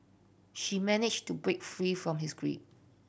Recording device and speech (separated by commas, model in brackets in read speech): boundary microphone (BM630), read sentence